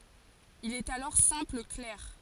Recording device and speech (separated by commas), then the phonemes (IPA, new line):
forehead accelerometer, read sentence
il ɛt alɔʁ sɛ̃pl klɛʁ